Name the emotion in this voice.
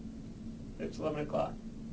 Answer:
neutral